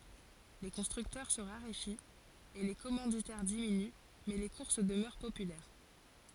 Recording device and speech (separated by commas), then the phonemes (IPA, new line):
forehead accelerometer, read sentence
le kɔ̃stʁyktœʁ sə ʁaʁefit e le kɔmɑ̃ditɛʁ diminy mɛ le kuʁs dəmœʁ popylɛʁ